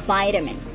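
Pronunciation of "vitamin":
'Vitamin' is said with the American English pronunciation, not the British one.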